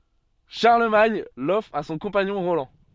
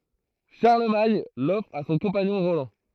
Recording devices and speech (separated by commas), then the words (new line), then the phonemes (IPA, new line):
soft in-ear microphone, throat microphone, read sentence
Charlemagne l'offre à son compagnon Roland.
ʃaʁləmaɲ lɔfʁ a sɔ̃ kɔ̃paɲɔ̃ ʁolɑ̃